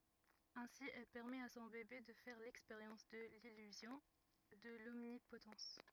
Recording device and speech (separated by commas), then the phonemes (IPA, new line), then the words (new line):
rigid in-ear microphone, read sentence
ɛ̃si ɛl pɛʁmɛt a sɔ̃ bebe də fɛʁ lɛkspeʁjɑ̃s də lilyzjɔ̃ də lɔmnipotɑ̃s
Ainsi, elle permet à son bébé de faire l'expérience de l'illusion, de l'omnipotence.